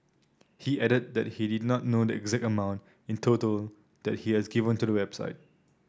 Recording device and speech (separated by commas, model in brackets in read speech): standing microphone (AKG C214), read sentence